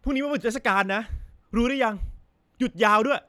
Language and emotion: Thai, frustrated